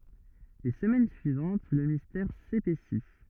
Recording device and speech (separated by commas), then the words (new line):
rigid in-ear microphone, read sentence
Les semaines suivantes, le mystère s'épaissit.